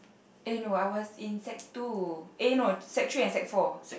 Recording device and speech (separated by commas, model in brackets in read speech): boundary microphone, conversation in the same room